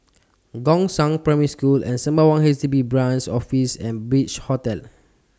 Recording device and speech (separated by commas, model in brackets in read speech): standing microphone (AKG C214), read sentence